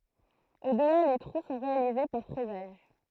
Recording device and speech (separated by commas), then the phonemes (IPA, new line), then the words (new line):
throat microphone, read sentence
odla le tʁu sɔ̃ ʁealize paʁ fʁɛzaʒ
Au-delà les trous sont réalisés par fraisage.